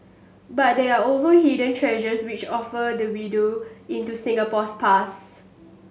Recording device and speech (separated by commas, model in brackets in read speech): mobile phone (Samsung S8), read sentence